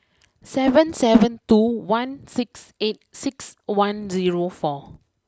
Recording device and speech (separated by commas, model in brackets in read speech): close-talking microphone (WH20), read sentence